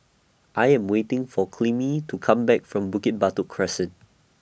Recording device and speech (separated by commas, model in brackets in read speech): boundary microphone (BM630), read sentence